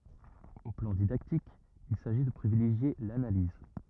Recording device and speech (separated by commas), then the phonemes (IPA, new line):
rigid in-ear microphone, read sentence
o plɑ̃ didaktik il saʒi də pʁivileʒje lanaliz